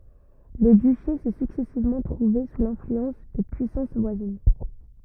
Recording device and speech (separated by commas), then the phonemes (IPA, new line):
rigid in-ear microphone, read sentence
lə dyʃe sɛ syksɛsivmɑ̃ tʁuve su lɛ̃flyɑ̃s də pyisɑ̃s vwazin